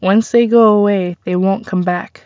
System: none